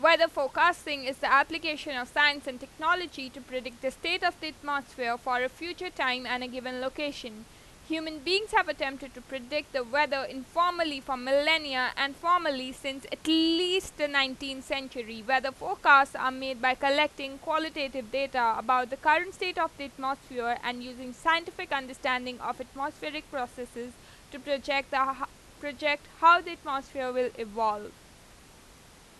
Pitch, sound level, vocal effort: 275 Hz, 95 dB SPL, very loud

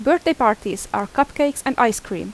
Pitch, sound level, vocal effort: 270 Hz, 85 dB SPL, loud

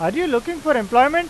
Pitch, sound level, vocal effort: 295 Hz, 97 dB SPL, loud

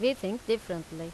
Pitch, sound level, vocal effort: 195 Hz, 87 dB SPL, loud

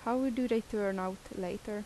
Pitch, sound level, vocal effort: 215 Hz, 81 dB SPL, soft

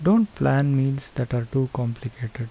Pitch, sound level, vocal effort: 130 Hz, 76 dB SPL, soft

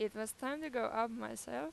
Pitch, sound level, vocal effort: 220 Hz, 89 dB SPL, normal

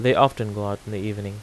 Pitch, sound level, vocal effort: 105 Hz, 85 dB SPL, normal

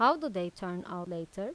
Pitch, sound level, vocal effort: 180 Hz, 88 dB SPL, normal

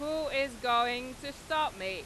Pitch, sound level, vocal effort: 275 Hz, 99 dB SPL, loud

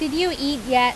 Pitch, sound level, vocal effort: 285 Hz, 89 dB SPL, loud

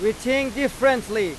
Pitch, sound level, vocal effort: 250 Hz, 99 dB SPL, very loud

